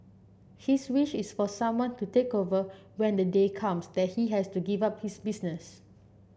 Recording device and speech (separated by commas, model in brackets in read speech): boundary microphone (BM630), read sentence